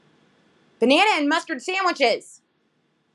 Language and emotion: English, neutral